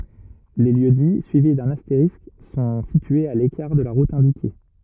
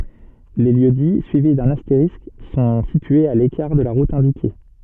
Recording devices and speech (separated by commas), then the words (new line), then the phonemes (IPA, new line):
rigid in-ear microphone, soft in-ear microphone, read sentence
Les lieux-dits suivis d'un astérisque sont situés à l'écart de la route indiquée.
le ljøksdi syivi dœ̃n asteʁisk sɔ̃ sityez a lekaʁ də la ʁut ɛ̃dike